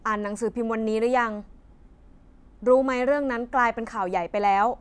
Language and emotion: Thai, frustrated